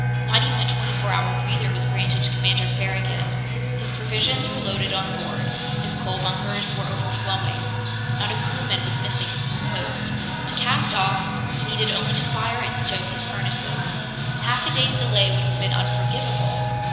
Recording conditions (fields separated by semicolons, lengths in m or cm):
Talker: one person; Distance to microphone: 1.7 m; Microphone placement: close; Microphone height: 1.0 m; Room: very reverberant, large; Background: music